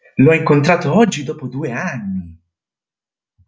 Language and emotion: Italian, surprised